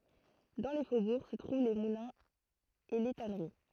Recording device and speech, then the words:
throat microphone, read sentence
Dans les faubourgs se trouvent les moulins et les tanneries.

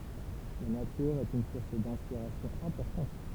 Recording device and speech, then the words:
temple vibration pickup, read sentence
La nature est une source d'inspiration importante.

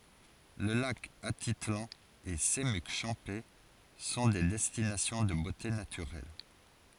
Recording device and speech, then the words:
forehead accelerometer, read sentence
Le lac Atitlán et Semuc Champey sont des destinations de beautés naturelles.

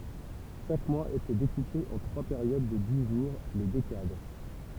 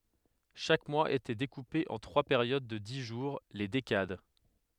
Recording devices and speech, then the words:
temple vibration pickup, headset microphone, read sentence
Chaque mois était découpé en trois périodes de dix jours, les décades.

